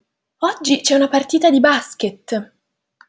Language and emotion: Italian, happy